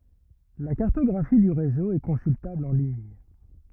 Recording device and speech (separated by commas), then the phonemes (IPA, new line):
rigid in-ear microphone, read sentence
la kaʁtɔɡʁafi dy ʁezo ɛ kɔ̃syltabl ɑ̃ liɲ